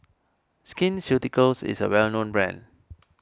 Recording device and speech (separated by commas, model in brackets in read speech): standing microphone (AKG C214), read sentence